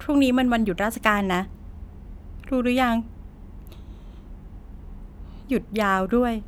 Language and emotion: Thai, frustrated